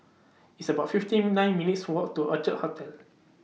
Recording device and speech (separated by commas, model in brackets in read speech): mobile phone (iPhone 6), read sentence